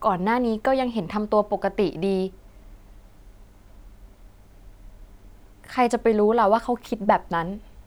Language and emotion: Thai, sad